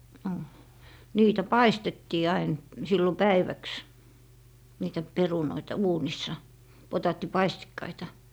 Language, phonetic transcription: Finnish, no , 'niitä "paistettii 'ain , 'sillo "päiväks , niitä "perunoita 'uunissa , 'potaatti"paistikkaita .
- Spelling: no niitä paistettiin aina silloin päiväksi niitä perunoita uunissa potaattipaistikkaita

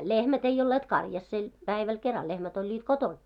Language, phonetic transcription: Finnish, lehmät ei ollet 'karjassel , 'päiväl 'keral 'lehmät oĺĺiit "koton .
- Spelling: lehmät ei olleet karjasella päivällä keralla lehmät olivat kotona

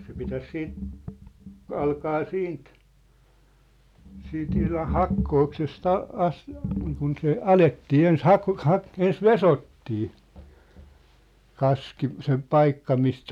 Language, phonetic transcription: Finnish, se pitäs 'siit , 'alkaa "siint , siint ihlaʰ "hakkookses't ‿a'- , 'as- , niikun se "alettii 'ens "hak- , "hak- , 'ens "vesottii , 'kaski , se "paikka mistä ,.
- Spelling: se pitäisi sitten alkaa siitä siitä ihan hakkooksesta - - niin kuin se alettiin ensin - - ensin vesottiin kaski se paikka mistä

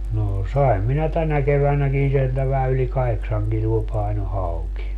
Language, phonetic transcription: Finnish, noo 'saim minä "tänä 'kevänäkin sieltä vähä yli "kaheksaŋ kiluo 'paino 'hauki .
- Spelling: no sain minä tänä keväänäkin sieltä vähän yli kahdeksan kiloa painoi hauki

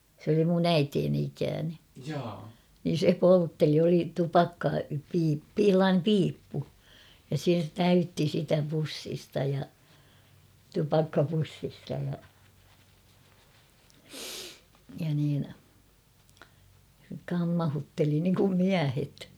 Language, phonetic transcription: Finnish, sᵉ ‿oli mun ‿"äiteeni ikääne , niin̬ 'se 'poltteli oli 'tupakkapii- pi- 'h̬ellaanem "piippu , ja se 'täytti sitä 'pussista ja , 'tupakkapussista ja , ja niin , 'kammahutteli niŋkum "miähet !
- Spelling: se oli minun äitini ikäinen niin se poltteli oli - - sellainen piippu ja se täytti sitä pussista ja tupakkapussista ja ja niin kammautteli niin kuin miehet

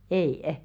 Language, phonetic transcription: Finnish, ei₍ᵊ .
- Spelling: ei

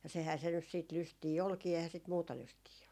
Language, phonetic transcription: Finnish, ja sehää se nys siit 'lystii "olkii ehää sit "muuta 'lystii ollu .
- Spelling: ja sehän se nyt sitten lystiä olikin eihän sitä muuta lystiä ollut

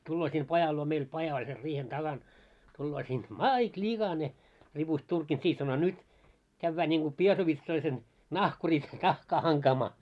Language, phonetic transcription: Finnish, 'tulloo sin 'pajal luo meil 'paja oĺ ser 'riihen 'taɢan , tulloo siin » "máit ĺiɢane « , ripust 'turkin siih sano » 'nyt , kävvää niŋɢu 'piesovitsoisen , "nahkuris 'nahkaa haŋkaamaa « .
- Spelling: tulee sinne pajan luo meillä paja oli sen riihen takana tulee siinä mait likainen ripusti turkin siihen sanoi nyt käydään niin kuin piesovitsoisen nahkurissa nahkaa hankaamaan

